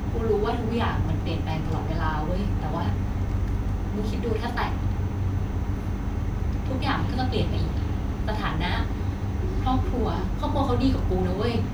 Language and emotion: Thai, sad